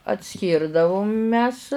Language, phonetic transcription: Lithuanian, atˈskyrdavum mes

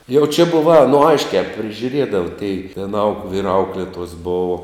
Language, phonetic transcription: Lithuanian, jau čia ˈbuva a no ˈaiškiā prižiuˈrėdava tei vien auk vyr ˈauklėtuos ˈbovo

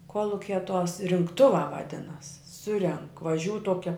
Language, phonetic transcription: Lithuanian, ˈkuolukia tuos rinkˈtuvā vaˈdinas ˈsurenk vaˈžiūu ˈtuokia

